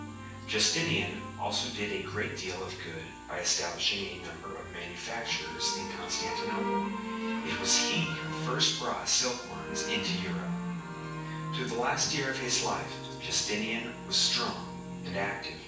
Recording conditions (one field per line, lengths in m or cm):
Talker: one person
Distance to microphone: 9.8 m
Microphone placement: far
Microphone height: 1.8 m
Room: large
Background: music